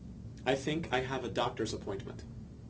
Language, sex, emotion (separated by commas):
English, male, neutral